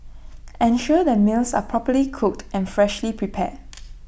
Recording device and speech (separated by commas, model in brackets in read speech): boundary microphone (BM630), read sentence